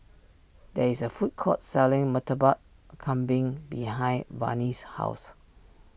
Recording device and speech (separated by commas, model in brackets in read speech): boundary microphone (BM630), read sentence